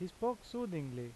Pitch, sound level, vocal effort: 180 Hz, 86 dB SPL, normal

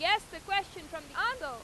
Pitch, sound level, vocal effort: 375 Hz, 99 dB SPL, very loud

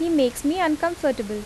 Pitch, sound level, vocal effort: 295 Hz, 83 dB SPL, normal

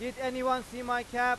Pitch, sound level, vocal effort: 245 Hz, 102 dB SPL, very loud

